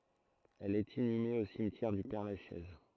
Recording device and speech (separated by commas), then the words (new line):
throat microphone, read sentence
Elle est inhumée au cimetière du Père-Lachaise.